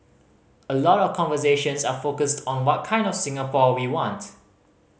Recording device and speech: mobile phone (Samsung C5010), read sentence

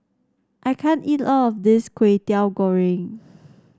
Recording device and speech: standing microphone (AKG C214), read sentence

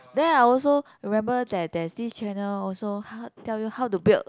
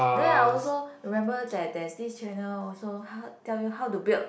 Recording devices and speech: close-talking microphone, boundary microphone, conversation in the same room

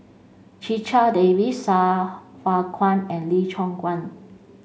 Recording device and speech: mobile phone (Samsung C5), read sentence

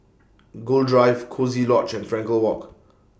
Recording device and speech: boundary microphone (BM630), read sentence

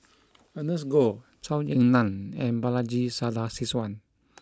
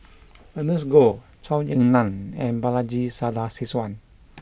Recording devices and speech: close-talking microphone (WH20), boundary microphone (BM630), read sentence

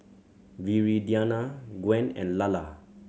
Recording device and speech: mobile phone (Samsung C7100), read sentence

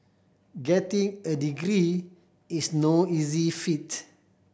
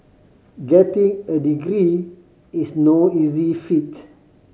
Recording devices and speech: boundary microphone (BM630), mobile phone (Samsung C5010), read sentence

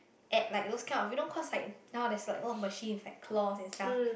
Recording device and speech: boundary microphone, conversation in the same room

